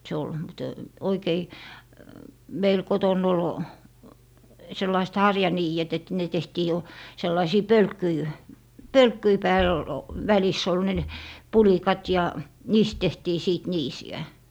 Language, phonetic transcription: Finnish, 'se ol , mte- , 'oikei , 'meil 'koton̆n ‿ol , 'sellaist "harjanii₍et et ne 'tehtii jo , 'sellaisii "pölkkyi , "pölkkyi 'pääl , l- , 'väliss ‿ol ne , "pulikat ja , 'niist 'tehtii 'sìt "niisi₍ä .
- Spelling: se oli - oikein meillä kotona oli sellaiset harjaniidet että ne tehtiin jo sellaisten pölkkyjen pölkkyjen päällä - välissä oli ne pulikat ja niistä tehtiin sitten niisiä

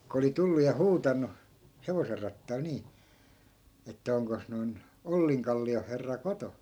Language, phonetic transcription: Finnish, ku oli 'tullu ja "huutannu , 'hevoser rattail 'nii , että » 'oŋkos noi̮n , 'olliŋkalli₍o herra "koto » .
- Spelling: kun oli tullut ja huutanut hevosen rattailta niin että onkos noin Ollinkallion herra kotona

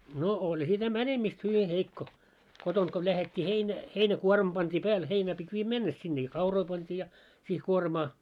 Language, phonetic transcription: Finnish, no , 'oĺ sitä "mänemist 'hyvi 'heikko , 'kotont ko lähet́t́i heinä- , 'heinä'kuormᵃ pant́ii 'pääl 'heinää pit́ 'viijä "mɛnnes sinne ja 'kauroi pant́ii ja , siih 'kuormaa .
- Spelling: no oli sitä menemistä hyvin heikko kotoa kun lähdettiin - heinäkuorma pantiin päälle heinää piti viedä mennessä sinne ja kauroja pantiin ja siihen kuormaa

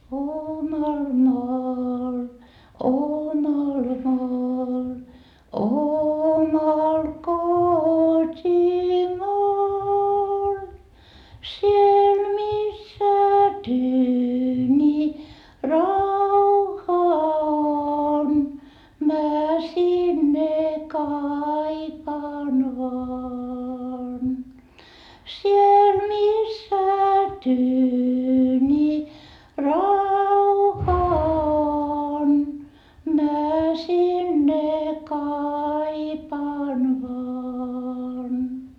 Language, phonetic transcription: Finnish, omal maal omal maal omal kot́imaal , siel missä tyyńi rauha on mä sinne kaipaan vaan , siel missä tyyńi rauha on mä sinne kaipaan vaan .
- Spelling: omalle maalle omalle maalle omalle kotimaalle siellä missä tyyni rauha on minä sinne kaipaan vain siellä missä tyyni rauha on minä sinne kaipaan vain

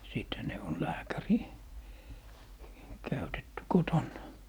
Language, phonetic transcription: Finnish, 'sìthä ne on "lääkärì , 'käytetty "kotonna .
- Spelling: sittenhän ne on lääkäri käytetty kotona

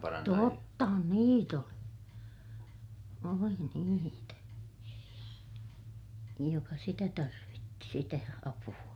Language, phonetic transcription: Finnish, tottahan niit ‿oli , oli niitä , joka sitä tarvitti sitä apu₍a .
- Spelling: tottahan niitä oli oli niitä joka sitä tarvitsi sitä apua

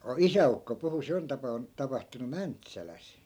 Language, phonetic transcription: Finnish, o- , "isä₍ukko puhu 'se on tapa₍un- , 'tapahtunu "mäntsäläs .
- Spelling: - isäukko puhui se on - tapahtunut Mäntsälässä

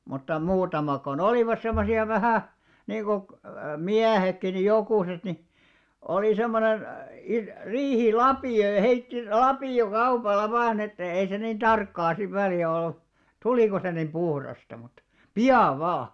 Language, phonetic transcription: Finnish, mutta 'muutamak ko'n ‿olìvas semmosi₍a 'vähä̀ , 'niiko , "miähekki ni 'jokùset ni , olì semmonen , i- 'riihi"lapì₍o ja heitti "lapì₍o'kaupalla 'vaan ‿että , ei se niin "ᴅarkkaa siv 'väli₍ä ollu , "tulìko se niim 'ʙuhrasta mut , "pi₍av̆ 'vaa .
- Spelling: mutta muutamat kun olivat semmoisia vähän niin kuin miehetkin niin jokuset niin oli semmoinen - riihilapio ja heitti lapiokaupalla vain että ei se niin tarkkaa sitten välillä ollut tuliko se niin puhdasta mutta pian vain

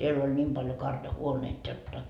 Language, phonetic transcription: Finnish, siell ‿oĺ 'ńiim paljo 'karja"huoneit jotta .
- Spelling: siellä oli niin paljon karjahuoneita jotta

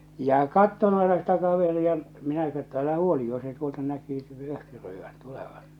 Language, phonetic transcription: Finnish, ja 'katton aena sitä kaveri₍a , minä (kö) että älähä 'huoli jo se tuolta näkyy , 'öhkyröivän̬ , 'tulevan̬ .
- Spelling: ja katsoin aina sitä kaveria minä - että älähän huoli jo se tuolta näkyy öhkyröivän tulevan

